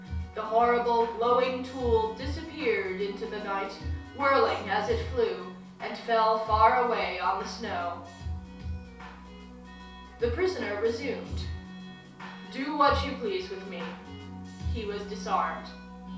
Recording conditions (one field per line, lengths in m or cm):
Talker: one person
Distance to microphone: 3.0 m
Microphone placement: far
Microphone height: 1.8 m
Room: small (3.7 m by 2.7 m)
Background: music